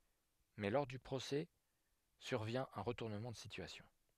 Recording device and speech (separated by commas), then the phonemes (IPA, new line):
headset microphone, read sentence
mɛ lɔʁ dy pʁosɛ syʁvjɛ̃ œ̃ ʁətuʁnəmɑ̃ də sityasjɔ̃